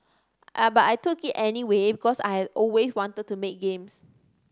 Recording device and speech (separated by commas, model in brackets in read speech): standing microphone (AKG C214), read sentence